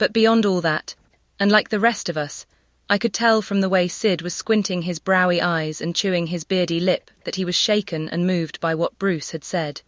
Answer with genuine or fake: fake